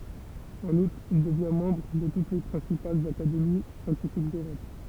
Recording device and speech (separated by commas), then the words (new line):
temple vibration pickup, read sentence
En outre, il devient membre de toutes les principales académies scientifiques d’Europe.